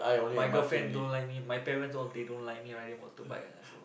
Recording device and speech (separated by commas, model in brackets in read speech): boundary microphone, conversation in the same room